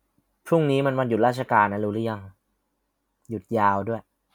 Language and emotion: Thai, neutral